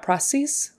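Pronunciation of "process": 'Process' is said here in the less typical way, not the way it is usually pronounced.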